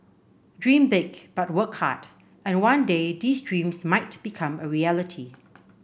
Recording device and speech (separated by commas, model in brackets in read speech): boundary microphone (BM630), read sentence